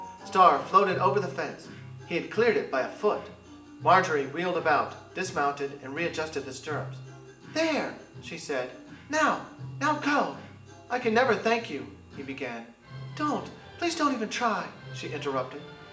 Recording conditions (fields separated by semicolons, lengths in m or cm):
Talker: one person; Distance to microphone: 1.8 m; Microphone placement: close; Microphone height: 1.0 m; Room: large; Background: music